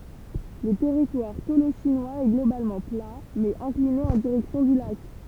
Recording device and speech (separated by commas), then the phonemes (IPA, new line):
temple vibration pickup, read sentence
lə tɛʁitwaʁ toloʃinwaz ɛ ɡlobalmɑ̃ pla mɛz ɛ̃kline ɑ̃ diʁɛksjɔ̃ dy lak